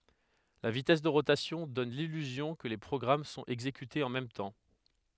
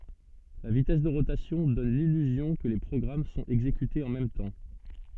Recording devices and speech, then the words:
headset microphone, soft in-ear microphone, read sentence
La vitesse de rotation donne l'illusion que les programmes sont exécutés en même temps.

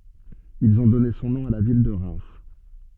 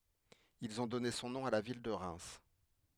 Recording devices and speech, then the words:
soft in-ear microphone, headset microphone, read sentence
Ils ont donné son nom à la ville de Reims.

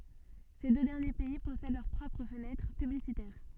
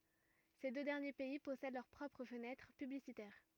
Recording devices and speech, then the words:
soft in-ear microphone, rigid in-ear microphone, read sentence
Ces deux derniers pays possèdent leurs propres fenêtres publicitaires.

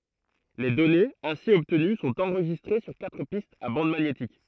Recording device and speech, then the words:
throat microphone, read sentence
Les données ainsi obtenues sont enregistrées sur quatre pistes à bande magnétique.

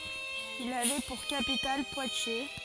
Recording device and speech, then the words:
forehead accelerometer, read sentence
Il avait pour capitale Poitiers.

